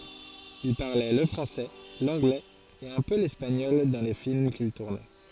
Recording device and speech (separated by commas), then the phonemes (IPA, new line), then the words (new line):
forehead accelerometer, read sentence
il paʁlɛ lə fʁɑ̃sɛ lɑ̃ɡlɛz e œ̃ pø lɛspaɲɔl dɑ̃ le film kil tuʁnɛ
Il parlait le français, l'anglais et un peu l'espagnol dans les films qu'il tournait.